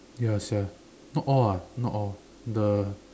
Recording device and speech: standing microphone, conversation in separate rooms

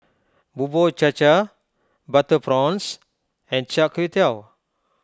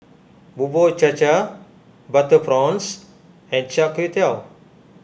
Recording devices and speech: close-talking microphone (WH20), boundary microphone (BM630), read sentence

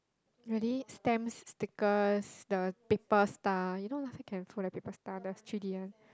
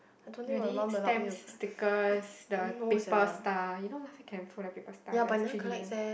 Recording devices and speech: close-talking microphone, boundary microphone, conversation in the same room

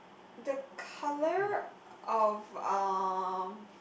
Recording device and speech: boundary microphone, conversation in the same room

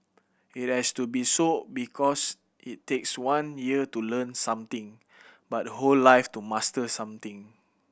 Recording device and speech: boundary microphone (BM630), read sentence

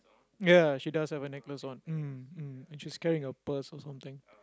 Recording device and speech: close-talking microphone, conversation in the same room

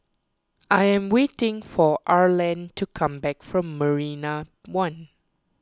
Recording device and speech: close-talking microphone (WH20), read sentence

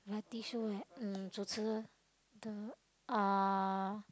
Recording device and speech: close-talking microphone, conversation in the same room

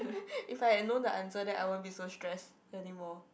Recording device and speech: boundary microphone, conversation in the same room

